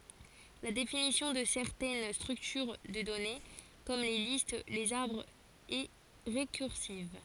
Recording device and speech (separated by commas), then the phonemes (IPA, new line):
forehead accelerometer, read sentence
la definisjɔ̃ də sɛʁtɛn stʁyktyʁ də dɔne kɔm le list lez aʁbʁz ɛ ʁekyʁsiv